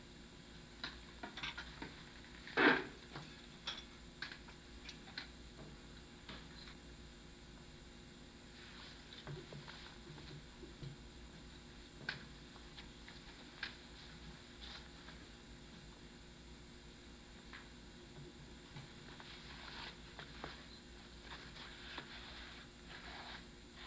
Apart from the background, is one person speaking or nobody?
No one.